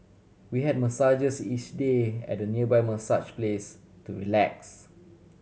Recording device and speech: mobile phone (Samsung C7100), read sentence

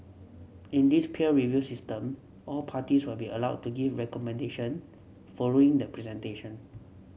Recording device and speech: mobile phone (Samsung C7), read sentence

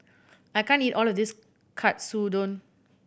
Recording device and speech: boundary microphone (BM630), read sentence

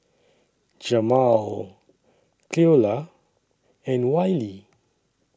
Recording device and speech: standing microphone (AKG C214), read sentence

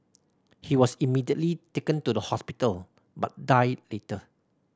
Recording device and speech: standing microphone (AKG C214), read sentence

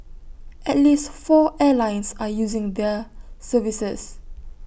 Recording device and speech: boundary microphone (BM630), read sentence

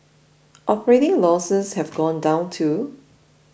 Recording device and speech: boundary microphone (BM630), read sentence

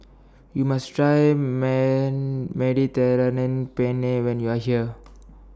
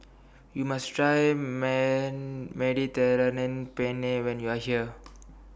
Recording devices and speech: standing microphone (AKG C214), boundary microphone (BM630), read sentence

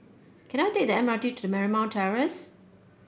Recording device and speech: boundary microphone (BM630), read sentence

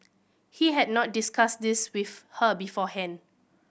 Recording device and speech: boundary microphone (BM630), read sentence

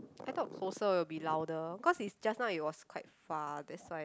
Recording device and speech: close-talking microphone, conversation in the same room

